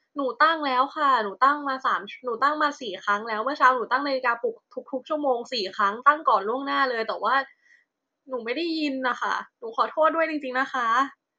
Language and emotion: Thai, frustrated